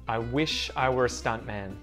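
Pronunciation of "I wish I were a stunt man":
In 'stunt man', the T in 'stunt' is muted.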